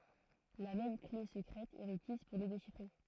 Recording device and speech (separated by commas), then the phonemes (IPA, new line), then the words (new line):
throat microphone, read sentence
la mɛm kle səkʁɛt ɛ ʁəkiz puʁ le deʃifʁe
La même clé secrète est requise pour les déchiffrer.